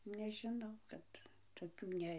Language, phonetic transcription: Lithuanian, nežiˈnau ˈkad toˈkių ˈne

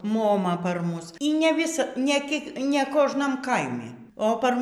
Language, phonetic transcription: Lithuanian, moˈma par ˈmus y ne ˈvisa nė ˈkiek ne ˈkožnam ˈkaimi o par

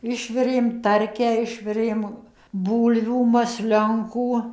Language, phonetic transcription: Lithuanian, ˈišvirėm ˈtarkę ˈišvirėm ˈbūlvių masˈlionkų

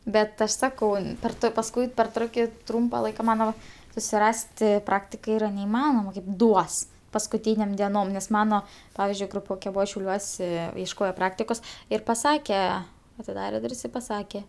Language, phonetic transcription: Lithuanian, ˈbet ˈaš ˈsakau per ˈto pasˈkui per ˈtroki ˈtrumpa ˈlaika iˈmanoma susiˈrasti ˈpraktika ˈyra neiˈmanoma kaip ˈduos paskuˈtynėm dieˈnom nes ˈmano ˈpavizdžiui gruˈpioke ˈbuva šiauˈliuose iešˈkojo ˈpraktikos ir paˈsake atiˈdarė ˈdur's' i paˈsake

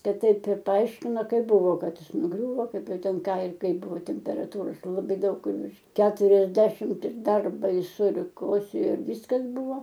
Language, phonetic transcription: Lithuanian, ˈkad ˈtaip ir paˈaiškino ˈkaip ˈbuvo ˈkad ˈjis nuˈgriūvo ˈkaip ˈjau ˈten ˈką ir ˈkaip ˈbuvo temperaˈtūros laˈbai ˈdaug virš keturiasˈdešimt ir ˈdar baiˈsu ir ˈkosėjo ir ˈvyskas ˈbuvo

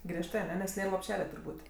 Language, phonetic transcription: Lithuanian, ˈgriežtɜ aˈne nes ˈnėr lopˈšele turˈbūt'

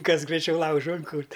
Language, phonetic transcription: Lithuanian, ˈkas graiˈčiau ˈlaužu inˈkurt'

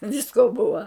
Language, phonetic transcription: Lithuanian, ˈvisko ˈbuva

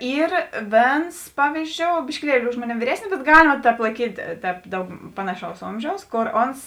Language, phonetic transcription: Lithuanian, ˈyr ˈvėns ˈpavyzˌdžiou biškiˈlieli ˈuž moˌnėm vyˈresnis bet ˈgalima ˈtēp laiˈkyt' ˈtēp ˈdaug ˈpanaˌšaus ˈomžiaus ˈkor ˈons

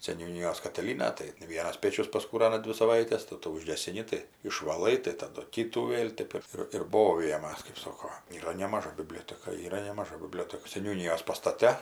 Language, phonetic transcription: Lithuanian, seniūˈnyjos katiˈlyna tai ˈvienas ˈpėčius paskūˈrana ˈdvi saˈvaites tai ˈtų užgesiˈni tai išvaˈlai tai taˈdu ˈkytų ˈvėl ˈtep ir ir ˈbovijamas kaip ˈsoko yˈra nemaˈža biˈblioteka yˈra nemaˈža biˈblioteka seniūˈnijos pastaˈte

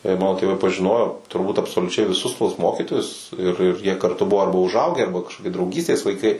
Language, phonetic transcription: Lithuanian, ir ˈmano tėˈvai pažiˈnojo turˈbūt absoliuˈčiai viˈsus tuos ˈmokytojus ir ir jie karˈtu ˈbuvo ˈarba užˈaugę ˈarba kažkoˈki drauˈgystės laiˈkai

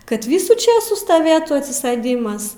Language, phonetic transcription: Lithuanian, kad ˈvysų ˈčėsų staˈvėtu atsiˈsɘdimas

